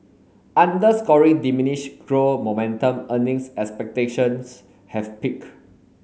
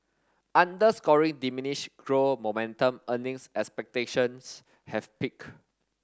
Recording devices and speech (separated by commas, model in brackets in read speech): mobile phone (Samsung S8), standing microphone (AKG C214), read sentence